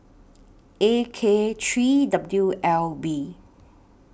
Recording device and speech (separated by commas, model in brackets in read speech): boundary microphone (BM630), read sentence